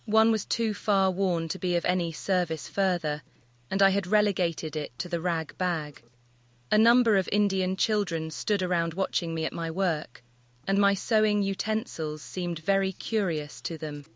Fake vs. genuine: fake